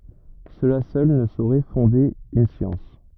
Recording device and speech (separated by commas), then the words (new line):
rigid in-ear microphone, read sentence
Cela seul ne saurait fonder une science.